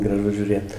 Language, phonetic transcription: Lithuanian, graˈžu žiūˈrėt

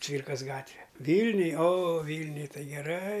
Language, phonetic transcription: Lithuanian, ˈcvyrkas ˈgatve ˈvylniuj o ˈvylniuj ˈtai geˈrai

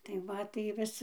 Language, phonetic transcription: Lithuanian, tai ˈva tai ˈvis

